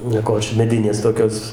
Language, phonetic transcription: Lithuanian, nieˈkočia meˈdinės toˈkios

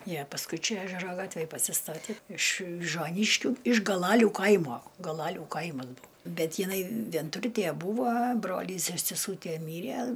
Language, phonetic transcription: Lithuanian, ˈjie pasˈkui ˈčia ˈežero ˈgatvėj pasiˈstatė iš vižuoˈnyškių iš gaˈlalių ˈkaimo galaˈlių ˈkaimas ˈbuu ˈbet jiˈnai vienˈturtie ˈbūvo ˈbrolys ir seˈsūtie ˈmyrie

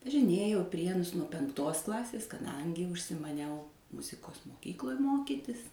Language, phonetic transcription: Lithuanian, važiˈnėjau i ˈprienus nuo penkˈtos ˈklasės kaˈdangi užsimaˈniau ˈmuzikos moˈkykloj ˈmokytis

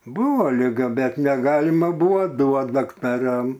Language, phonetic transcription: Lithuanian, ˈbūvo liˈga ˈbet neˈgalima ˈbuo ˈduot daktaˈram

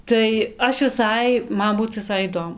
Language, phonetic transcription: Lithuanian, tai ˈaš viˈsai ˈman ˈbūt viˈsai įˈdomu

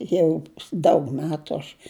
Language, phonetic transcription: Lithuanian, ˈjau daug ˈmetu aš

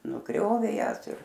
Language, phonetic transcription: Lithuanian, nuˈgriovė ˈjąs ir

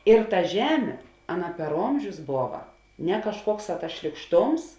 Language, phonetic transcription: Lithuanian, ir ta ˈžemė ˈaˌna per ˈomžius ˈbova ne kažˈkuokˌsā tas šlykˈštoms

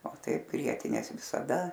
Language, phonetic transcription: Lithuanian, o ˈtaip ˈgrietinės visaˈda

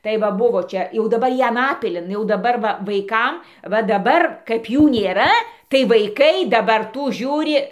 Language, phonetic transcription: Lithuanian, tai ˈva ˈbuvo ˈčia jau daˈbar ˈjie ˈanapilin jau daˈbar ˈva vaiˈkam va daˈbar kaip ˈjų nėˈra tai vaiˈkai daˈbar ˈtų ˈžiūri

